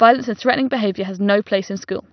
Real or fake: real